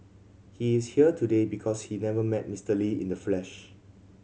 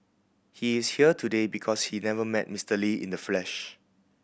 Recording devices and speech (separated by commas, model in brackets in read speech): mobile phone (Samsung C7100), boundary microphone (BM630), read sentence